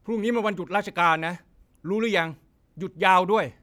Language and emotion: Thai, frustrated